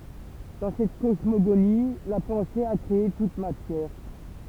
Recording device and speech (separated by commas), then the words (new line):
temple vibration pickup, read sentence
Dans cette cosmogonie, la pensée a créé toute matière.